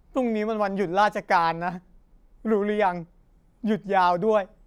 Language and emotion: Thai, sad